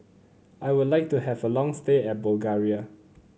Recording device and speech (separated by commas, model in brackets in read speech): mobile phone (Samsung C9), read sentence